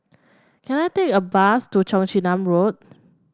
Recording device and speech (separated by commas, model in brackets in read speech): standing microphone (AKG C214), read sentence